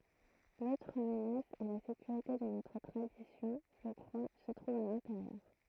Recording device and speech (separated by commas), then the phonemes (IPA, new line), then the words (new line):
throat microphone, read sentence
lotʁ mənas a la sekyʁite də notʁ tʁadisjɔ̃ ʒə kʁwa sə tʁuv a lɛ̃teʁjœʁ
L'autre menace à la sécurité de notre tradition, je crois, se trouve à l'intérieur.